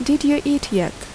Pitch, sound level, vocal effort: 285 Hz, 77 dB SPL, normal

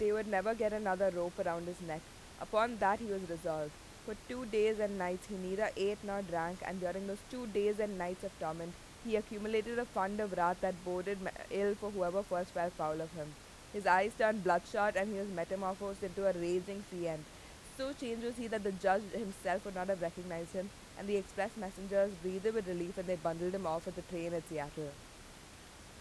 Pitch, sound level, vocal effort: 190 Hz, 88 dB SPL, loud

